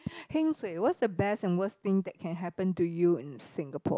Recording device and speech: close-talking microphone, conversation in the same room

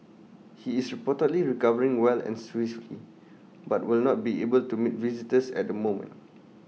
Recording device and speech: mobile phone (iPhone 6), read sentence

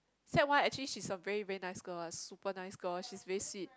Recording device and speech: close-talking microphone, conversation in the same room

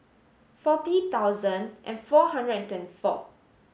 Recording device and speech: mobile phone (Samsung S8), read sentence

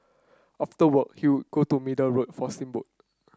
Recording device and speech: close-talking microphone (WH30), read sentence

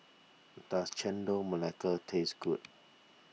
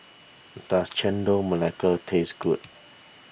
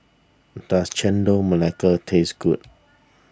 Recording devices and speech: mobile phone (iPhone 6), boundary microphone (BM630), standing microphone (AKG C214), read sentence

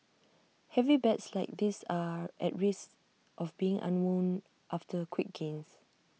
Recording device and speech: mobile phone (iPhone 6), read sentence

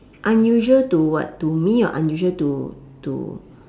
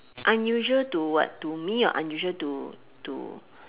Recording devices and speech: standing microphone, telephone, conversation in separate rooms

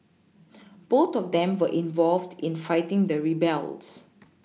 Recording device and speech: mobile phone (iPhone 6), read sentence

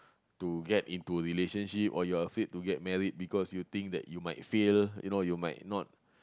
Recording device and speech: close-talking microphone, conversation in the same room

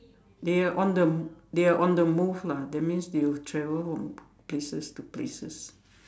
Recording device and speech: standing microphone, conversation in separate rooms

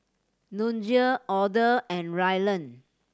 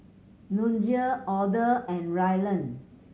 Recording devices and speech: standing microphone (AKG C214), mobile phone (Samsung C7100), read sentence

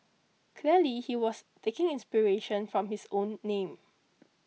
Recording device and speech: mobile phone (iPhone 6), read sentence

